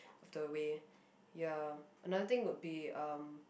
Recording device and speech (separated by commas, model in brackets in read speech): boundary microphone, conversation in the same room